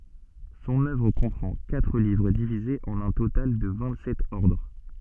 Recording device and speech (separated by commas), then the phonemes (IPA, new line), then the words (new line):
soft in-ear microphone, read sentence
sɔ̃n œvʁ kɔ̃pʁɑ̃ katʁ livʁ divizez ɑ̃n œ̃ total də vɛ̃t sɛt ɔʁdʁ
Son œuvre comprend quatre livres divisés en un total de vingt-sept ordres.